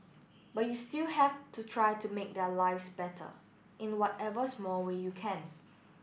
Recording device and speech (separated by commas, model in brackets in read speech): boundary microphone (BM630), read sentence